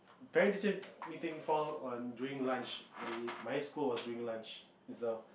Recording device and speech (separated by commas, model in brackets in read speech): boundary microphone, conversation in the same room